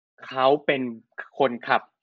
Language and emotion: Thai, neutral